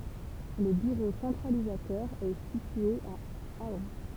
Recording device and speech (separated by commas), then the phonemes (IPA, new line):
temple vibration pickup, read sentence
lə byʁo sɑ̃tʁalizatœʁ ɛ sitye a aœ̃